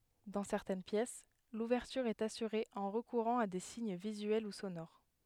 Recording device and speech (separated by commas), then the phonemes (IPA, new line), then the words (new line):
headset microphone, read sentence
dɑ̃ sɛʁtɛn pjɛs luvɛʁtyʁ ɛt asyʁe ɑ̃ ʁəkuʁɑ̃ a de siɲ vizyɛl u sonoʁ
Dans certaines pièces, l'ouverture est assurée en recourant à des signes visuels ou sonores.